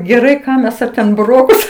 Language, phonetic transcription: Lithuanian, geˈrai ˈką mes ˈa ten buˈrokus

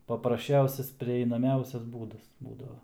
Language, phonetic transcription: Lithuanian, paprasˈčiausias prieinaˈmiausias ˈbūdas ˈbūdava

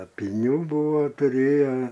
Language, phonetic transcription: Lithuanian, apyˈnių ˈbūvo tuˈrėja

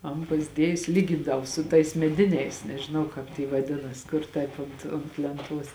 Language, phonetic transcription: Lithuanian, ˈan pasˈdiejusi lyˈgindavo su tais meˈdiniais nežiˈnau ˈkāp ty vaˈdinas ˈkur ˈtaip unt unt lenˈtuos

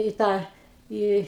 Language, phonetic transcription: Lithuanian, į ˈtą ˈį

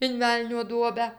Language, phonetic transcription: Lithuanian, in ˈvelnio ˈduobę

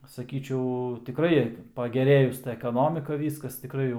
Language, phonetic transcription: Lithuanian, saˈkyčiau tiˈkrai pageˈrėjus ta ekaˈnomika ˈvyskas tiˈkrai jau

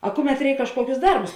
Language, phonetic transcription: Lithuanian, a ˈkuˌmet ˈreik kažˈkuokius ˈdarbus

